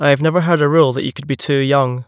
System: none